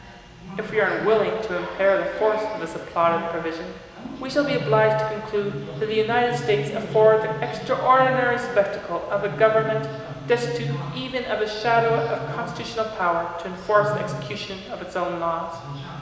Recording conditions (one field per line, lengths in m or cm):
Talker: one person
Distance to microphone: 1.7 m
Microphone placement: close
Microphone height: 1.0 m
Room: very reverberant, large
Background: television